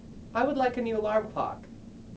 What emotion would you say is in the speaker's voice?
neutral